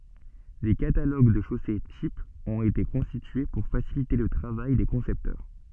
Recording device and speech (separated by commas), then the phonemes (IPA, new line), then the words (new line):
soft in-ear microphone, read sentence
de kataloɡ də ʃose tipz ɔ̃t ete kɔ̃stitye puʁ fasilite lə tʁavaj de kɔ̃sɛptœʁ
Des catalogues de chaussées types ont été constitués pour faciliter le travail des concepteurs.